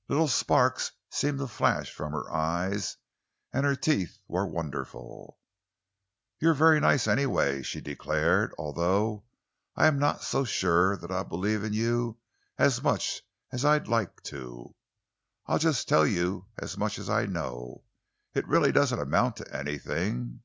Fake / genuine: genuine